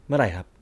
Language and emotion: Thai, neutral